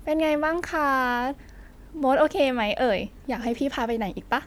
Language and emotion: Thai, happy